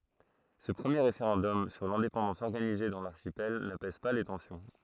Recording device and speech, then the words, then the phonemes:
throat microphone, read sentence
Ce premier référendum sur l'indépendance organisé dans l'archipel n’apaise pas les tensions.
sə pʁəmje ʁefeʁɑ̃dɔm syʁ lɛ̃depɑ̃dɑ̃s ɔʁɡanize dɑ̃ laʁʃipɛl napɛz pa le tɑ̃sjɔ̃

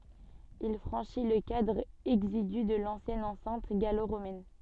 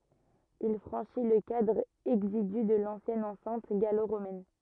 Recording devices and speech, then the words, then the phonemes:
soft in-ear microphone, rigid in-ear microphone, read sentence
Il franchit le cadre exigu de l’ancienne enceinte gallo-romaine.
il fʁɑ̃ʃi lə kadʁ ɛɡziɡy də lɑ̃sjɛn ɑ̃sɛ̃t ɡalo ʁomɛn

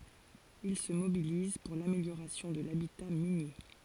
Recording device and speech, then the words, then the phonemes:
forehead accelerometer, read sentence
Il se mobilise pour l'amélioration de l'habitat minier.
il sə mobiliz puʁ lameljoʁasjɔ̃ də labita minje

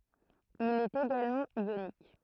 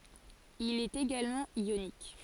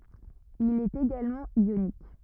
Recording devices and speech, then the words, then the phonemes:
throat microphone, forehead accelerometer, rigid in-ear microphone, read sentence
Il est également ionique.
il ɛt eɡalmɑ̃ jonik

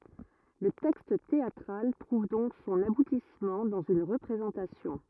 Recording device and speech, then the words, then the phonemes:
rigid in-ear microphone, read sentence
Le texte théâtral trouve donc son aboutissement dans une représentation.
lə tɛkst teatʁal tʁuv dɔ̃k sɔ̃n abutismɑ̃ dɑ̃z yn ʁəpʁezɑ̃tasjɔ̃

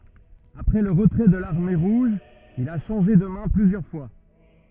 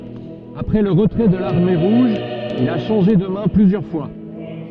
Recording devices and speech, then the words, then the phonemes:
rigid in-ear microphone, soft in-ear microphone, read sentence
Après le retrait de l'Armée rouge, il a changé de mains plusieurs fois.
apʁɛ lə ʁətʁɛ də laʁme ʁuʒ il a ʃɑ̃ʒe də mɛ̃ plyzjœʁ fwa

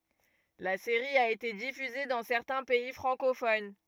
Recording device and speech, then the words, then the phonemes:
rigid in-ear microphone, read sentence
La série a été diffusée dans certains pays francophones.
la seʁi a ete difyze dɑ̃ sɛʁtɛ̃ pɛi fʁɑ̃kofon

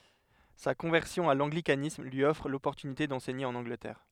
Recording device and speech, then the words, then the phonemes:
headset microphone, read sentence
Sa conversion à l'anglicanisme lui offre l'opportunité d'enseigner en Angleterre.
sa kɔ̃vɛʁsjɔ̃ a lɑ̃ɡlikanism lyi ɔfʁ lɔpɔʁtynite dɑ̃sɛɲe ɑ̃n ɑ̃ɡlətɛʁ

